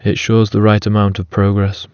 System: none